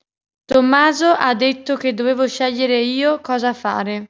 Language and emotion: Italian, neutral